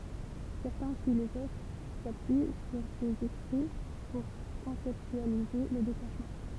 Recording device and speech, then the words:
temple vibration pickup, read sentence
Certains philosophes s'appuient sur ses écrits pour conceptualiser le détachement.

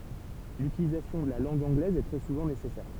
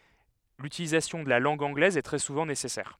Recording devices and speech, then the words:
temple vibration pickup, headset microphone, read sentence
L'utilisation de la langue anglaise est très souvent nécessaire.

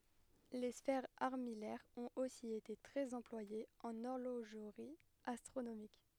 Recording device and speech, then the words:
headset microphone, read sentence
Les sphères armillaires ont aussi été très employées en horlogerie astronomique.

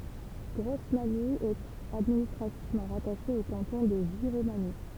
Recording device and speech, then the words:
temple vibration pickup, read sentence
Grosmagny est administrativement rattachée au canton de Giromagny.

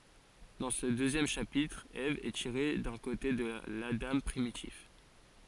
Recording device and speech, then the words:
forehead accelerometer, read sentence
Dans ce deuxième chapitre, Ève est tirée d'un côté de l'Adam primitif.

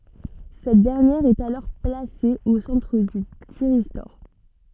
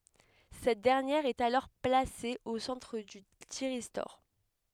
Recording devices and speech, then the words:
soft in-ear microphone, headset microphone, read sentence
Cette dernière est alors placée au centre du thyristor.

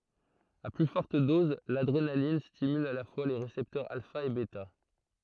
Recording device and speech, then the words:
throat microphone, read sentence
À plus forte dose, l’adrénaline stimule à la fois les récepteurs alpha et bêta.

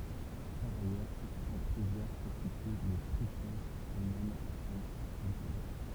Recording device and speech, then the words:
temple vibration pickup, read sentence
Par ailleurs, c'est sur cette rivière qu'est situé le tripoint Allemagne-France-Luxembourg.

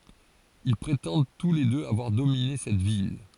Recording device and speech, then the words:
forehead accelerometer, read sentence
Ils prétendent tous les deux avoir dominé cette ville.

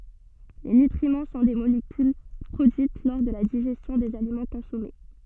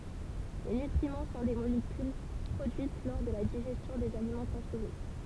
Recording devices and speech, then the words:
soft in-ear microphone, temple vibration pickup, read sentence
Les nutriments sont des molécules produites lors de la digestion des aliments consommés.

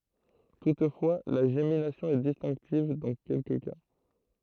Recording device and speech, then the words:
throat microphone, read sentence
Toutefois, la gémination est distinctive dans quelques cas.

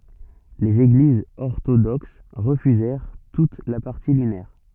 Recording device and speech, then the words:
soft in-ear microphone, read sentence
Les Églises orthodoxes refusèrent toutes la partie lunaire.

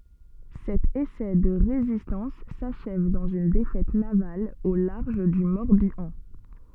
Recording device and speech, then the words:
soft in-ear microphone, read sentence
Cet essai de résistance s’achève dans une défaite navale au large du Morbihan.

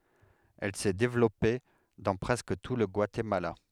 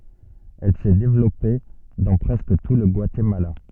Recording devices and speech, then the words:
headset microphone, soft in-ear microphone, read sentence
Elle s'est développée dans presque tout le Guatemala.

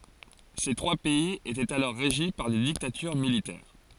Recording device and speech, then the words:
forehead accelerometer, read sentence
Ces trois pays étaient alors régis par des dictatures militaires.

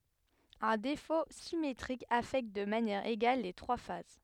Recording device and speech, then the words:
headset microphone, read sentence
Un défaut symétrique affecte de manière égale les trois phases.

